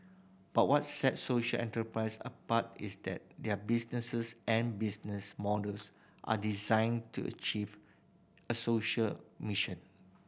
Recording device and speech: boundary microphone (BM630), read sentence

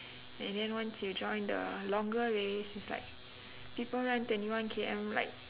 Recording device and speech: telephone, conversation in separate rooms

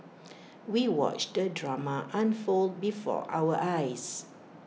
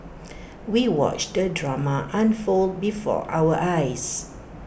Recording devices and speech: mobile phone (iPhone 6), boundary microphone (BM630), read sentence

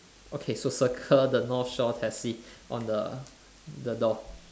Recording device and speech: standing microphone, conversation in separate rooms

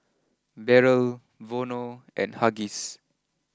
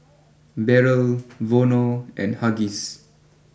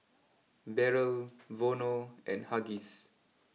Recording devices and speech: close-talking microphone (WH20), boundary microphone (BM630), mobile phone (iPhone 6), read sentence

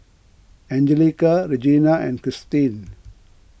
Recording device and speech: boundary microphone (BM630), read sentence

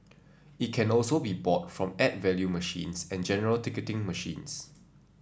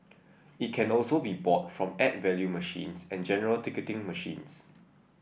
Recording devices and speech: standing microphone (AKG C214), boundary microphone (BM630), read sentence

